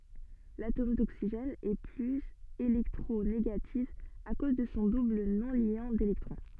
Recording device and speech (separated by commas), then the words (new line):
soft in-ear microphone, read sentence
L'atome d'oxygène est plus électronégatif à cause de son double non-liant d'électrons.